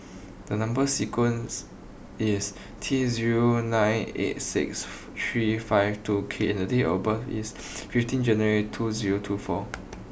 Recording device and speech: boundary microphone (BM630), read sentence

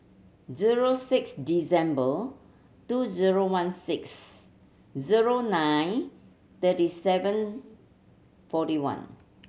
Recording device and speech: mobile phone (Samsung C7100), read sentence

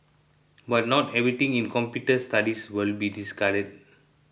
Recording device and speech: boundary microphone (BM630), read sentence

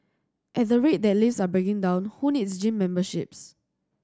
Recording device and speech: standing microphone (AKG C214), read sentence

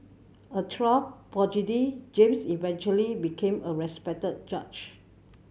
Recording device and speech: mobile phone (Samsung C7100), read sentence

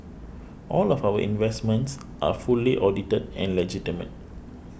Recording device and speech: boundary microphone (BM630), read sentence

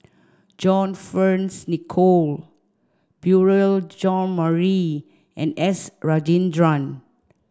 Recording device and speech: standing microphone (AKG C214), read sentence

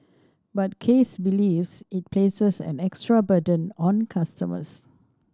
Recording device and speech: standing microphone (AKG C214), read sentence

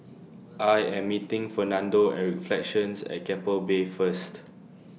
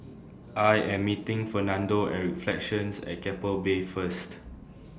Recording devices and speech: mobile phone (iPhone 6), standing microphone (AKG C214), read sentence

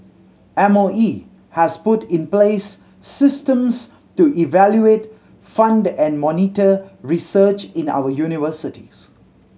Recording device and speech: mobile phone (Samsung C7100), read sentence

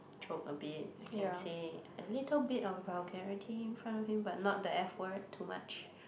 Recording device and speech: boundary microphone, conversation in the same room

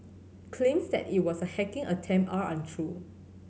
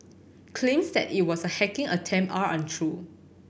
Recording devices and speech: mobile phone (Samsung C7100), boundary microphone (BM630), read sentence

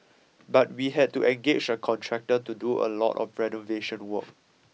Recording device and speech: mobile phone (iPhone 6), read sentence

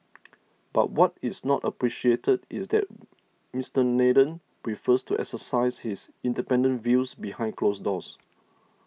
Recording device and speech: mobile phone (iPhone 6), read sentence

